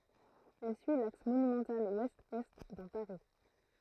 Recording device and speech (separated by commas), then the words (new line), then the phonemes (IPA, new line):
throat microphone, read sentence
Elle suit l'axe monumental ouest-est dans Paris.
ɛl syi laks monymɑ̃tal wɛstɛst dɑ̃ paʁi